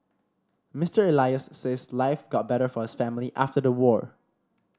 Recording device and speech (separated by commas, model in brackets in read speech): standing microphone (AKG C214), read sentence